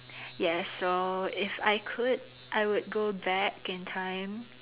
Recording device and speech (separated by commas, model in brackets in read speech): telephone, conversation in separate rooms